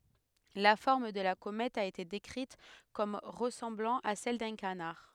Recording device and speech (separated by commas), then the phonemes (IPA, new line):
headset microphone, read sentence
la fɔʁm də la komɛt a ete dekʁit kɔm ʁəsɑ̃blɑ̃ a sɛl dœ̃ kanaʁ